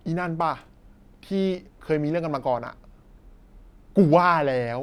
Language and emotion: Thai, happy